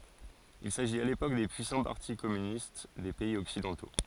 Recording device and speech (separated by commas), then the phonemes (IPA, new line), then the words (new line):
forehead accelerometer, read sentence
il saʒit a lepok de pyisɑ̃ paʁti kɔmynist de pɛiz ɔksidɑ̃to
Il s’agit à l’époque des puissants partis communistes des pays occidentaux.